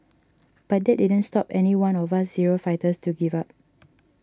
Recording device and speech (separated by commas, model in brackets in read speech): standing microphone (AKG C214), read sentence